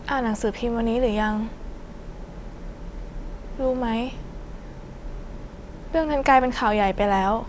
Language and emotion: Thai, sad